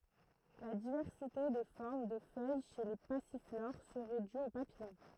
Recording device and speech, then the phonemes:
throat microphone, read sentence
la divɛʁsite de fɔʁm də fœj ʃe le pasifloʁ səʁɛ dy o papijɔ̃

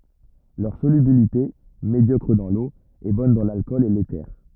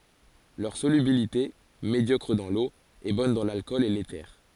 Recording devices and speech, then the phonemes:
rigid in-ear microphone, forehead accelerometer, read sentence
lœʁ solybilite medjɔkʁ dɑ̃ lo ɛ bɔn dɑ̃ lalkɔl e lete

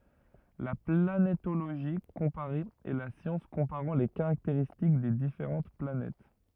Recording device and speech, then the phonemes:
rigid in-ear microphone, read sentence
la planetoloʒi kɔ̃paʁe ɛ la sjɑ̃s kɔ̃paʁɑ̃ le kaʁakteʁistik de difeʁɑ̃t planɛt

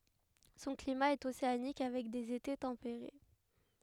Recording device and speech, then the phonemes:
headset microphone, read sentence
sɔ̃ klima ɛt oseanik avɛk dez ete tɑ̃peʁe

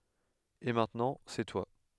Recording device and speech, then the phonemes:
headset microphone, read sentence
e mɛ̃tnɑ̃ sɛ twa

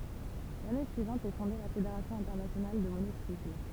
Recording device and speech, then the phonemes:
temple vibration pickup, read sentence
lane syivɑ̃t ɛ fɔ̃de la fedeʁasjɔ̃ ɛ̃tɛʁnasjonal də monosikl

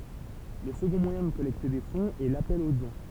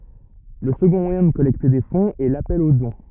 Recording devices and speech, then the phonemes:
temple vibration pickup, rigid in-ear microphone, read sentence
lə səɡɔ̃ mwajɛ̃ də kɔlɛkte de fɔ̃z ɛ lapɛl o dɔ̃

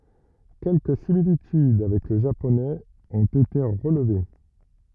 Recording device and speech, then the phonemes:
rigid in-ear microphone, read sentence
kɛlkə similityd avɛk lə ʒaponɛz ɔ̃t ete ʁəlve

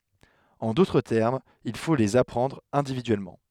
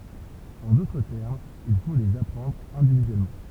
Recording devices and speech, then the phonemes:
headset microphone, temple vibration pickup, read sentence
ɑ̃ dotʁ tɛʁmz il fo lez apʁɑ̃dʁ ɛ̃dividyɛlmɑ̃

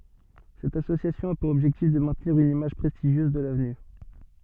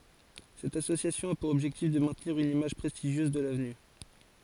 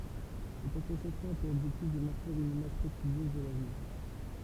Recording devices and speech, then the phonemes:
soft in-ear microphone, forehead accelerometer, temple vibration pickup, read sentence
sɛt asosjasjɔ̃ a puʁ ɔbʒɛktif də mɛ̃tniʁ yn imaʒ pʁɛstiʒjøz də lavny

